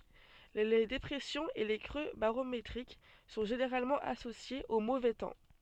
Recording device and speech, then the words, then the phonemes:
soft in-ear microphone, read sentence
Les dépressions et les creux barométriques sont généralement associés au mauvais temps.
le depʁɛsjɔ̃z e le kʁø baʁometʁik sɔ̃ ʒeneʁalmɑ̃ asosjez o movɛ tɑ̃

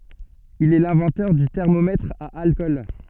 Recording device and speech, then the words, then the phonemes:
soft in-ear microphone, read sentence
Il est l'inventeur du thermomètre à alcool.
il ɛ lɛ̃vɑ̃tœʁ dy tɛʁmomɛtʁ a alkɔl

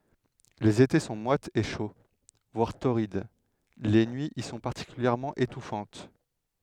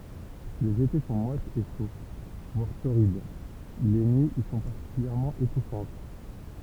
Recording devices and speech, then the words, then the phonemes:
headset microphone, temple vibration pickup, read sentence
Les étés sont moites et chauds, voire torrides, les nuits y sont particulièrement étouffantes.
lez ete sɔ̃ mwatz e ʃo vwaʁ toʁid le nyiz i sɔ̃ paʁtikyljɛʁmɑ̃ etufɑ̃t

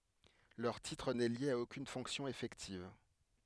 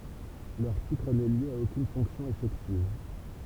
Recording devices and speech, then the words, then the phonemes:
headset microphone, temple vibration pickup, read sentence
Leur titre n'est lié à aucune fonction effective.
lœʁ titʁ nɛ lje a okyn fɔ̃ksjɔ̃ efɛktiv

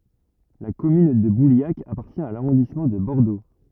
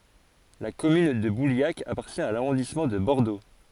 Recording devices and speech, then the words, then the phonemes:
rigid in-ear microphone, forehead accelerometer, read sentence
La commune de Bouliac appartient à l'arrondissement de Bordeaux.
la kɔmyn də buljak apaʁtjɛ̃ a laʁɔ̃dismɑ̃ də bɔʁdo

